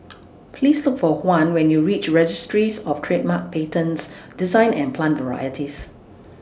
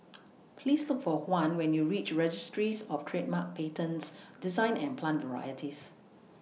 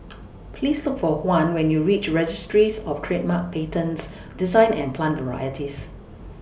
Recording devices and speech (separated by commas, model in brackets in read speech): standing microphone (AKG C214), mobile phone (iPhone 6), boundary microphone (BM630), read sentence